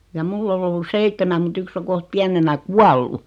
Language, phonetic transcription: Finnish, ja 'mull ‿ol ‿ollus "seittemäm mut 'yks o 'koht 'piänenä "kuallu .
- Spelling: ja minulla oli ollut seitsemän mutta yksi on kohta pienenä kuollut

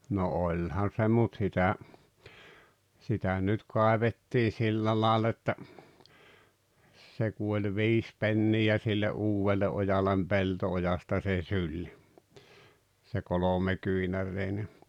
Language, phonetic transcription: Finnish, no 'oĺhan̬ se mut 'sitä , 'sitä nyt 'kàevettii 'sillä laal ‿että , 'se ku oĺ "viis 'pennijä sille "’uuwelle ’ojalem "pelto₍ojasta se "syĺ , se 'kolomekyinärreine .
- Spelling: no olihan se mutta sitä sitä nyt kaivettiin sillä lailla että se kun oli viisi penniä sille uudelle ojalle pelto-ojasta se syli se kolmekyynäräinen

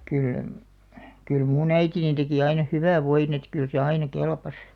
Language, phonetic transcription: Finnish, 'kyl , 'kyl "muu'n ‿äitinin 'teki aina "hyvä̀v̆ 'voin ‿et kyl se 'aina "kelpas .
- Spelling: kyllä kyllä minun äitini teki aina hyvän voin että kyllä se aina kelpasi

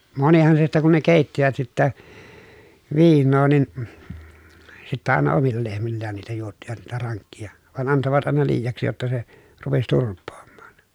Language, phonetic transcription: Finnish, monihan se sittä kun ne kèittivät sittä , viinnoo nin , sittä àena omilla lehmillään niitä juottivat niitä raŋkkija , van antovat àena liijaksi jotta se , rupes turp̆poommAAN .
- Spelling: monihan se sitten kun ne keittivät sitten viinaa niin sitten aina omilla lehmillään niitä juottivat niitä rankkeja vaan antoivat aina liiaksi jotta se rupesi turpoamaan

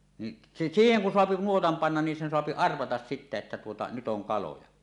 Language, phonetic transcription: Finnish, ni , s- 'siiheŋ kun soapi "nuotam "pannan nin sen 'soapi "arvatas sitte että tuota , nyt 'oŋ kaloja .
- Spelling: niin - siihen kun saa nuotan panna niin sen saa arvata sitten että tuota nyt on kaloja

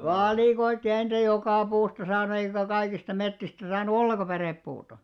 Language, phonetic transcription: Finnish, valìkoitti ʲᵃ ei niitä "jokà 'puusta saannu eikä 'kaikista 'mettistä saan̆nu "olleka 'pärèppuuta .
- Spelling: valikoitiin ja ei niitä joka puusta saanut eikä kaikista metsistä saanut ollenkaan pärepuuta

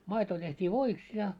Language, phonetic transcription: Finnish, 'maito teht́ii "voiks ja .
- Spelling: maito tehtiin voiksi ja

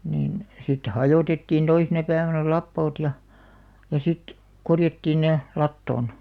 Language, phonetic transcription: Finnish, niin , sitte "hajòtettiin 'toisena päivänä "lappoot ja , ja 'sit , 'korjattiin ne , 'lattòn .
- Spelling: niin sitten hajotettiin toisena päivänä lapoot ja ja sitten korjattiin ne latoon

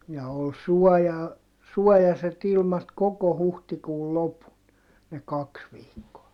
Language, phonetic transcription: Finnish, ja ol suɔja , suɔjaset ‿ilmat koko huhtikuul lopun , ne kaks viikkoa .
- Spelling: ja oli suoja suojaiset ilmat koko huhtikuun lopun ne kaksi viikkoa

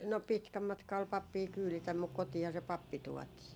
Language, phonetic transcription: Finnish, no 'pitkä 'matka ol 'pappii 'kyylitäm muk "kotiiha se "pappi 'tuɔtii .
- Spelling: no pitkä matka oli pappia kyyditä mutta kotiinhan se pappi tuotiin

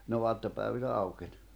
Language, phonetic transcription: Finnish, ne 'oattopä̀ivinä aukeń .
- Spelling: ne aattopäivinä aukeni

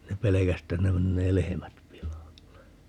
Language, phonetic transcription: Finnish, 'ne "pelekäs ‿että ne 'mennee "lehemät 'pilalle .
- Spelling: ne pelkäsi että ne menee lehmät pilalle

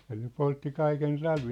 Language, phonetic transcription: Finnish, ja ne 'poltti 'kaiken 'talvii .
- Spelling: ja ne poltti kaiken talvea

